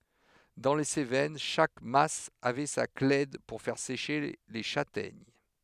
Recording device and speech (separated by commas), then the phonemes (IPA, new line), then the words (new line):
headset microphone, read sentence
dɑ̃ le sevɛn ʃak mas avɛ sa klɛd puʁ fɛʁ seʃe le ʃatɛɲ
Dans les Cévennes, chaque mas avait sa clède pour faire sécher les châtaignes.